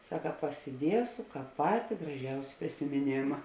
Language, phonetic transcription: Lithuanian, ˈsaka pasiˈdiesu ˈkāp ˈpati graˈžiausi prisimiˈnėma

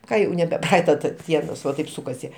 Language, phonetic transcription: Lithuanian, ˈka jau nebe ˈpraaita ˈdienos va ˈtaip sukaˈsi

